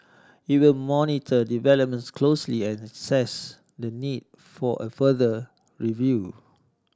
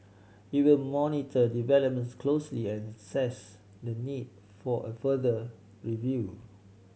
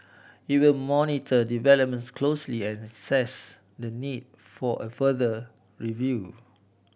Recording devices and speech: standing microphone (AKG C214), mobile phone (Samsung C7100), boundary microphone (BM630), read sentence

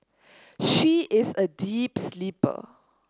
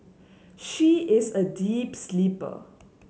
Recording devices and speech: standing microphone (AKG C214), mobile phone (Samsung S8), read sentence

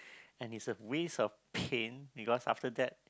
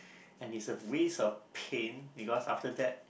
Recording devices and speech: close-talking microphone, boundary microphone, conversation in the same room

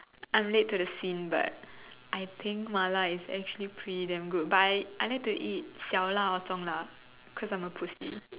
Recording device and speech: telephone, conversation in separate rooms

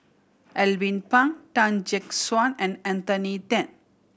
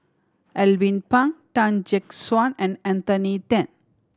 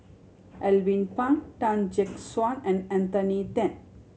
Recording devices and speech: boundary microphone (BM630), standing microphone (AKG C214), mobile phone (Samsung C7100), read sentence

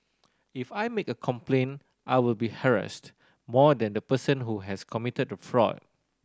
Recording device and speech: standing microphone (AKG C214), read sentence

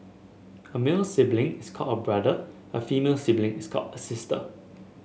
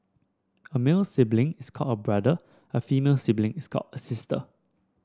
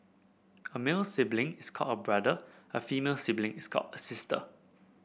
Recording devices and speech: mobile phone (Samsung S8), standing microphone (AKG C214), boundary microphone (BM630), read sentence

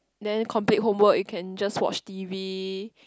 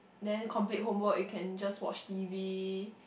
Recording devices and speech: close-talking microphone, boundary microphone, conversation in the same room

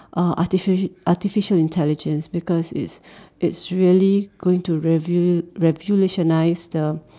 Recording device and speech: standing microphone, conversation in separate rooms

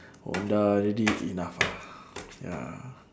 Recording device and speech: standing microphone, conversation in separate rooms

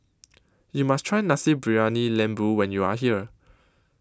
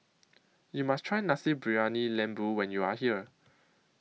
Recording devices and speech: close-talking microphone (WH20), mobile phone (iPhone 6), read sentence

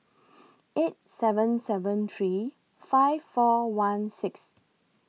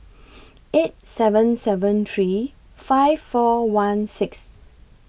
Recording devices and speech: mobile phone (iPhone 6), boundary microphone (BM630), read sentence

